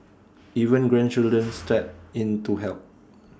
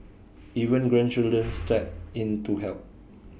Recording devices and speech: standing microphone (AKG C214), boundary microphone (BM630), read sentence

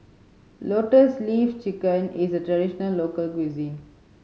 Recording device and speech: mobile phone (Samsung C5010), read sentence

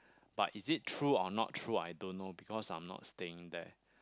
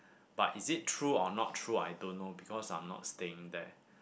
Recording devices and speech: close-talking microphone, boundary microphone, conversation in the same room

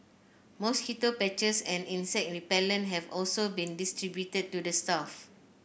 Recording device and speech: boundary microphone (BM630), read sentence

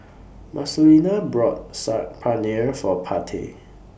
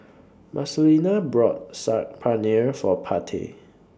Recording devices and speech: boundary microphone (BM630), standing microphone (AKG C214), read sentence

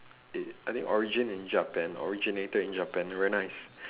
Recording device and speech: telephone, conversation in separate rooms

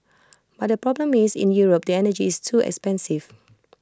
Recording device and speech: close-talking microphone (WH20), read sentence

